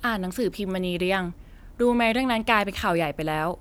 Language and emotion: Thai, neutral